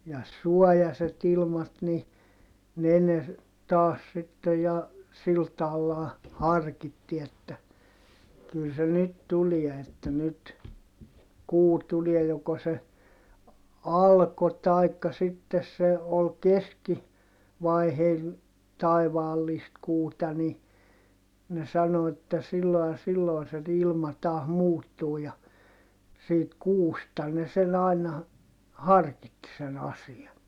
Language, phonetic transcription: Finnish, ja suɔjaset ‿ilmat ni , ne ne , taas sittej ja , sil taallaa , harkitti että , kyl se nyt tulie että nyt , kuu tuliɛ joko se , alko taikka sittes se , ol keski- , -vaiheil , taivaallist kuuta ni , ne sano että sillo ja silloi̮ se ilma taah muuttuu ja , siit kuusta ne sen ‿aina , harkitti sen ‿asian .
- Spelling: ja suojaiset ilmat niin ne ne taas sitten ja sillä tavallahan harkitsi että kyllä se nyt tulee että nyt kuu tulee joko se alkoi tai sitten se oli - keskivaiheilla taivaallista kuuta niin ne sanoi että silloin ja silloin se ilma taas muuttuu ja siitä kuusta ne sen aina harkitsi sen asian

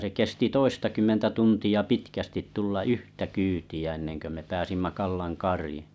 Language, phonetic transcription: Finnish, se 'kesti 'toistakymmentä tunti₍a 'pitkästit 'tulla "yhtä "kyyti₍ä ennenkö me 'pääsimma̳ 'Kallan̬ 'karii .
- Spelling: se kesti toistakymmentä tuntia pitkästi tulla yhtä kyytiä ennen kuin me pääsimme Kallan kariin

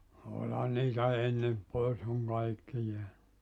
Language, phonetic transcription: Finnish, 'oĺhan niitä "ennem , 'poes oŋ 'kaikki jeä(ny) .
- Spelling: olihan niitä ennen pois on kaikki jäänyt

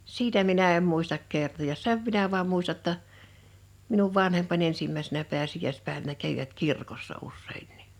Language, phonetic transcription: Finnish, sitä minä em 'muistak 'kertojas "sev minä vaam 'muista ‿tta , minuv 'vanhempa'ń ‿ensimmäisenä 'peäsij̆jä̀ispä̀evänä 'kävivät 'kirkossa 'ussèinnɪ .
- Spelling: sitä minä en muista kertoa sen minä vain muistan jotta minun vanhempani ensimmäisenä pääsiäispäivänä kävivät kirkossa useinkin

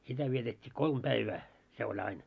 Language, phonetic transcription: Finnish, sitä vietet́t́ii "kolm 'päivää , se oĺ ‿ain .
- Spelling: sitä vietettiin kolme päivää se oli aina

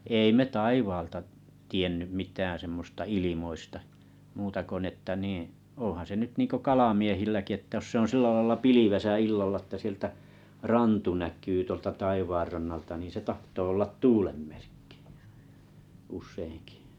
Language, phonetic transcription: Finnish, 'èi me 'taivaalta tˉ , 'tiennym 'mit̀ään semmosta 'ilimoista , 'muuta ko n ‿että niiⁱ̰ , 'oo̰han̬ se nyt niiŋko 'kalamiehilläki ‿ttä jos se on 'sillä laⁱlla 'pilivesä 'illalla että siᵉltä 'rantu 'näk̀yy tuolta 'taivaarrannalta nì se 'tahtoo ollat "tuulem merkkɪ , usseiŋkɪ .
- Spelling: ei me taivaalta - tiennyt mitään semmoista ilmoista muuta kuin niin että niin onhan se nyt niin kuin kalamiehilläkin että jos se on sillä lailla pilvessä illalla että sieltä rantu näkyy tuolta taivaanrannalta niin se tahtoo olla tuulen merkki useinkin

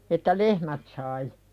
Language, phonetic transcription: Finnish, että "lehmät sai .
- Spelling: että lehmät sai

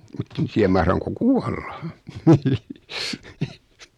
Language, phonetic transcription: Finnish, 'mutten tiäm 'mahraŋko "kuaʟʟᴀ .
- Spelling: mutta en tiedä mahdanko kuolla

